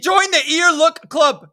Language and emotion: English, disgusted